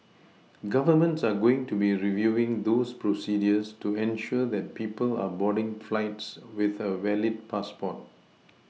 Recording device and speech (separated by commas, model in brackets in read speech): mobile phone (iPhone 6), read sentence